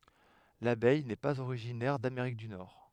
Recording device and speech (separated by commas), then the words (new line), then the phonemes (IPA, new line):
headset microphone, read sentence
L'abeille n'est pas originaire d'Amérique du Nord.
labɛj nɛ paz oʁiʒinɛʁ dameʁik dy nɔʁ